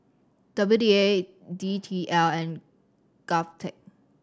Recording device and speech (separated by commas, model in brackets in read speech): standing microphone (AKG C214), read sentence